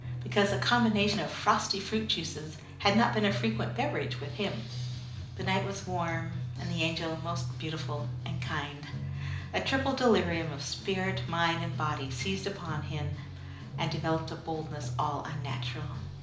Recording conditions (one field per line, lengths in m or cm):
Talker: one person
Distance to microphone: 2.0 m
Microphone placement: close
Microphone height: 99 cm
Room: medium-sized (5.7 m by 4.0 m)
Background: music